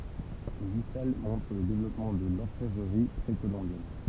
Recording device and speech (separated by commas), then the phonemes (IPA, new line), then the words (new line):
temple vibration pickup, read sentence
le yi sal mɔ̃tʁ lə devlɔpmɑ̃ də lɔʁfɛvʁəʁi pʁekolɔ̃bjɛn
Les huit salles montrent le développement de l'orfèvrerie précolombienne.